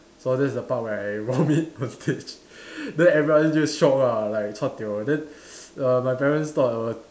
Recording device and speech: standing microphone, conversation in separate rooms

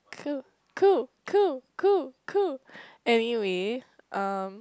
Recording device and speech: close-talking microphone, conversation in the same room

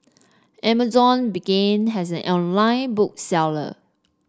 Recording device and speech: standing microphone (AKG C214), read sentence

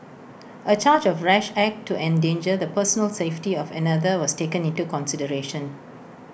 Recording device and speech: boundary microphone (BM630), read sentence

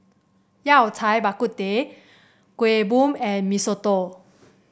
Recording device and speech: boundary microphone (BM630), read sentence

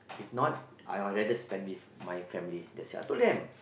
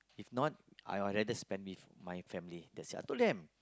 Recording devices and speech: boundary microphone, close-talking microphone, conversation in the same room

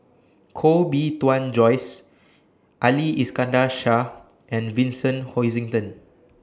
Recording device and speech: standing microphone (AKG C214), read sentence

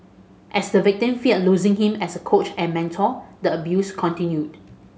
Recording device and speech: mobile phone (Samsung S8), read sentence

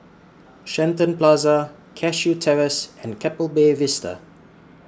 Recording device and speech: standing microphone (AKG C214), read sentence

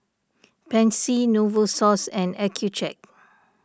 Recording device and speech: standing microphone (AKG C214), read sentence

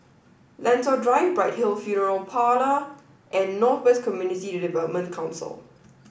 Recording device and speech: boundary microphone (BM630), read sentence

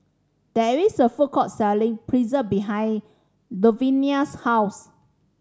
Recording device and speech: standing microphone (AKG C214), read sentence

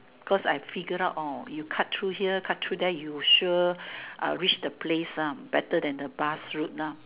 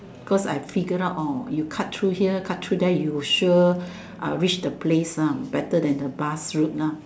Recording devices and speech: telephone, standing microphone, conversation in separate rooms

